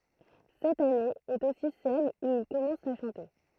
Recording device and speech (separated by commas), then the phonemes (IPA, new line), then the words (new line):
throat microphone, read sentence
sɛt ane ɛt osi sɛl u il kɔmɑ̃s a ʃɑ̃te
Cette année est aussi celle où il commence à chanter.